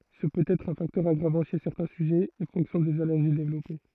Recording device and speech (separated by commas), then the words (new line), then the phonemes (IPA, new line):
throat microphone, read sentence
Ce peut être un facteur aggravant chez certains sujets et fonction des allergies développées.
sə pøt ɛtʁ œ̃ faktœʁ aɡʁavɑ̃ ʃe sɛʁtɛ̃ syʒɛz e fɔ̃ksjɔ̃ dez alɛʁʒi devlɔpe